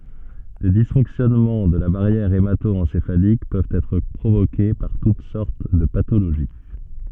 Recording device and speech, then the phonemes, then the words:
soft in-ear microphone, read sentence
le disfɔ̃ksjɔnmɑ̃ də la baʁjɛʁ emato ɑ̃sefalik pøvt ɛtʁ pʁovoke paʁ tut sɔʁt də patoloʒi
Les dysfonctionnements de la barrière hémato-encéphalique peuvent être provoquées par toutes sortes de pathologies.

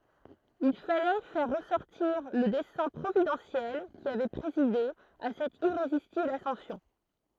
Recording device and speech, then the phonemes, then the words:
throat microphone, read sentence
il falɛ fɛʁ ʁəsɔʁtiʁ lə dɛsɛ̃ pʁovidɑ̃sjɛl ki avɛ pʁezide a sɛt iʁezistibl asɑ̃sjɔ̃
Il fallait faire ressortir le dessein providentiel qui avait présidé à cette irrésistible ascension.

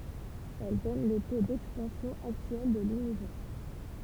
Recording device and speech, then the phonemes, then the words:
temple vibration pickup, read sentence
ɛl dɔn lə to dɛkspɑ̃sjɔ̃ aktyɛl də lynivɛʁ
Elle donne le taux d'expansion actuel de l'univers.

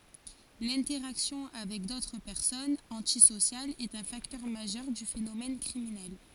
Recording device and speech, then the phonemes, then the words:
forehead accelerometer, read sentence
lɛ̃tɛʁaksjɔ̃ avɛk dotʁ pɛʁsɔnz ɑ̃tisosjalz ɛt œ̃ faktœʁ maʒœʁ dy fenomɛn kʁiminɛl
L’interaction avec d'autres personnes antisociales est un facteur majeur du phénomène criminel.

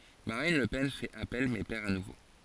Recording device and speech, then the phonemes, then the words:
forehead accelerometer, read sentence
maʁin lə pɛn fɛt apɛl mɛ pɛʁ a nuvo
Marine Le Pen fait appel mais perd à nouveau.

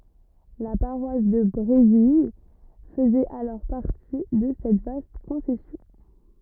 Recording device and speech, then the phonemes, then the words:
rigid in-ear microphone, read sentence
la paʁwas də bʁevil fəzɛt alɔʁ paʁti də sɛt vast kɔ̃sɛsjɔ̃
La paroisse de Bréville faisait alors partie de cette vaste concession.

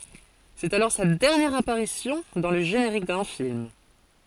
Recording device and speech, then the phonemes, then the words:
forehead accelerometer, read sentence
sɛt alɔʁ sa dɛʁnjɛʁ apaʁisjɔ̃ dɑ̃ lə ʒeneʁik dœ̃ film
C'est alors sa dernière apparition dans le générique d'un film.

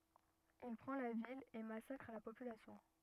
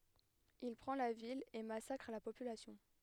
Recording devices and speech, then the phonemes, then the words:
rigid in-ear microphone, headset microphone, read sentence
il pʁɑ̃ la vil e masakʁ la popylasjɔ̃
Il prend la ville et massacre la population.

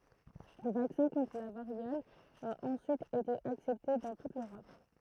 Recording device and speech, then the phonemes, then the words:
throat microphone, read sentence
lə vaksɛ̃ kɔ̃tʁ la vaʁjɔl a ɑ̃syit ete aksɛpte dɑ̃ tut løʁɔp
Le vaccin contre la variole a ensuite été accepté dans toute l'Europe.

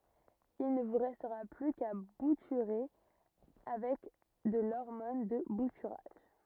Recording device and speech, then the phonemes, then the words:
rigid in-ear microphone, read sentence
il nə vu ʁɛstʁa ply ka butyʁe avɛk də lɔʁmɔn də butyʁaʒ
Il ne vous restera plus qu'à bouturer avec de l'hormone de bouturage.

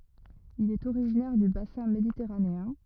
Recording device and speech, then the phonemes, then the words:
rigid in-ear microphone, read sentence
il ɛt oʁiʒinɛʁ dy basɛ̃ meditɛʁaneɛ̃
Il est originaire du bassin méditerranéen.

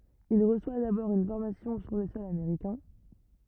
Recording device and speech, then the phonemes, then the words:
rigid in-ear microphone, read sentence
il ʁəswa dabɔʁ yn fɔʁmasjɔ̃ syʁ lə sɔl ameʁikɛ̃
Il reçoit d’abord une formation sur le sol américain.

